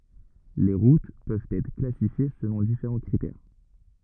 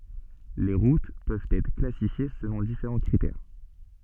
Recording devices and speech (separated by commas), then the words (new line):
rigid in-ear microphone, soft in-ear microphone, read sentence
Les routes peuvent être classifiées selon différents critères.